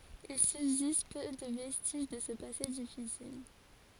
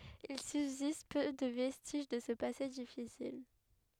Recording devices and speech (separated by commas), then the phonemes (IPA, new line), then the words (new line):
forehead accelerometer, headset microphone, read sentence
il sybzist pø də vɛstiʒ də sə pase difisil
Il subsiste peu de vestiges de ce passé difficile.